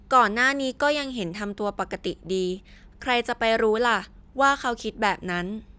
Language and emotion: Thai, neutral